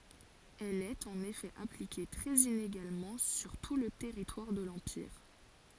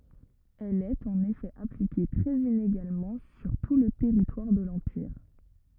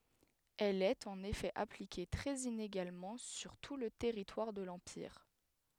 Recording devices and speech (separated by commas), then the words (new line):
forehead accelerometer, rigid in-ear microphone, headset microphone, read sentence
Elle est en effet appliquée très inégalement sur tout le territoire de l'empire.